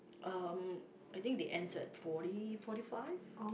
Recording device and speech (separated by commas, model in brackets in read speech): boundary microphone, conversation in the same room